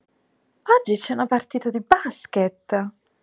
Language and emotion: Italian, surprised